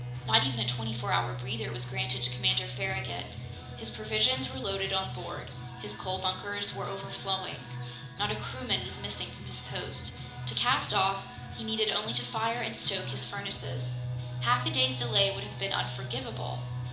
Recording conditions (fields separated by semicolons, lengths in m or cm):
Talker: one person; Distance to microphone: 2.0 m; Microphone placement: close; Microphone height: 99 cm; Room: medium-sized (5.7 m by 4.0 m); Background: music